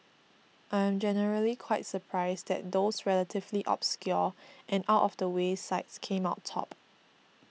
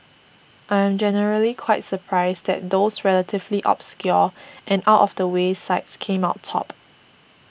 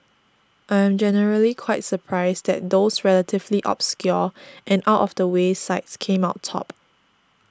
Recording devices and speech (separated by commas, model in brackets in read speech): mobile phone (iPhone 6), boundary microphone (BM630), standing microphone (AKG C214), read sentence